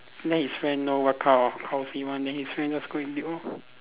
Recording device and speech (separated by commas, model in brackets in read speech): telephone, conversation in separate rooms